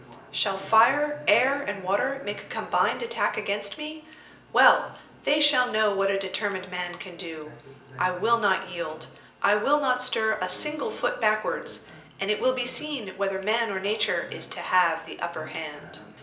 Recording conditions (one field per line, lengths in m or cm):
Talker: one person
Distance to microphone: 1.8 m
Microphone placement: close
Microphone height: 1.0 m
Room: large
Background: television